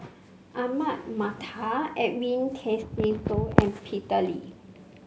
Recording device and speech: mobile phone (Samsung C5), read sentence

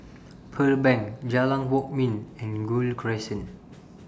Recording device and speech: standing microphone (AKG C214), read sentence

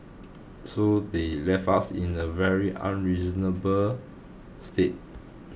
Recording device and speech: boundary microphone (BM630), read sentence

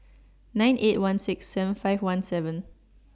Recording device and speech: standing microphone (AKG C214), read sentence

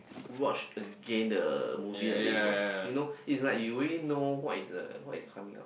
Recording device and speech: boundary microphone, conversation in the same room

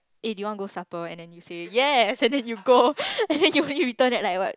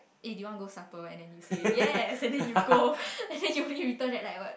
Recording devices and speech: close-talking microphone, boundary microphone, conversation in the same room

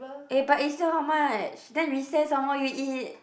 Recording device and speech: boundary microphone, conversation in the same room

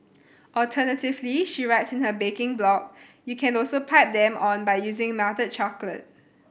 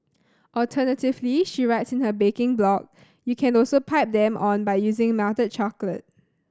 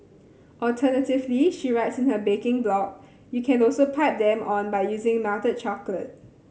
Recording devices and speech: boundary microphone (BM630), standing microphone (AKG C214), mobile phone (Samsung C7100), read sentence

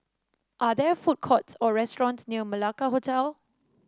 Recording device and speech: standing microphone (AKG C214), read sentence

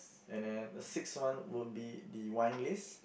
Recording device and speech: boundary microphone, conversation in the same room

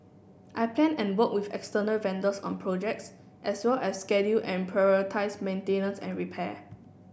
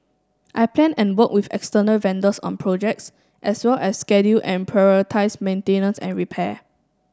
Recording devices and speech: boundary microphone (BM630), standing microphone (AKG C214), read sentence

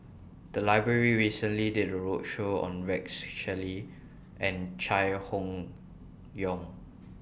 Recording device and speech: boundary microphone (BM630), read sentence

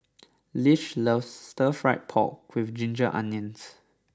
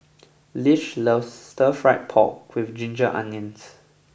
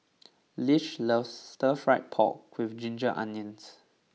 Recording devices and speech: standing microphone (AKG C214), boundary microphone (BM630), mobile phone (iPhone 6), read sentence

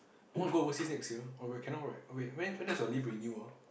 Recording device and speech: boundary microphone, conversation in the same room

